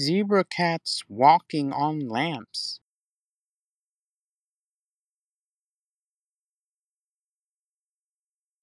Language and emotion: English, happy